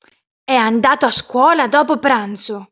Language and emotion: Italian, angry